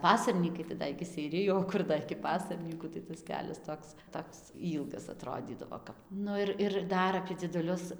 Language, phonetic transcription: Lithuanian, ˈpasarnykai tai ˈda iki seiˈriju o ˈkur da iki ˈpasarnykų tai tas ˈkelias ˈtoks ˈtoks ˈylgas aˈtrodydavo ˈkap ˈnu ir ir ˈdar apie dzieduˈlius

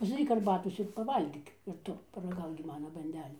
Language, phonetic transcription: Lithuanian, pasdaˈryk arˈbatos ir paˈvalgyk ir ˈtu paraˈgauk gi ˈmana banˈdelių

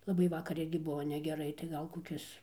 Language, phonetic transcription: Lithuanian, laˈbai ˈvakar ˈirgi ˈbuvo negeˈrai tai ˈgal koˈkis

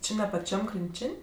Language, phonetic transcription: Lithuanian, ˈči ne paˈčiam krinˈčin'

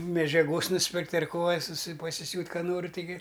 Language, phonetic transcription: Lithuanian, medžiaˈgos nusˈpirkt' ar ˈko a suˈsi pasiˈsiūt' ˈką ˈnori taiˈgi

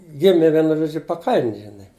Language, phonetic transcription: Lithuanian, ˈgimi ˈvienu ˈžodžiu paˈkaln' žiˈnai

